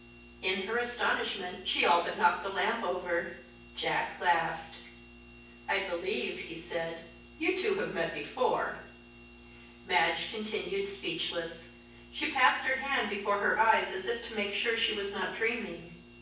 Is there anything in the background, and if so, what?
Nothing.